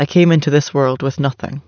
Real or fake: real